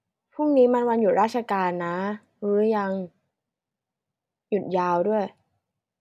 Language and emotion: Thai, neutral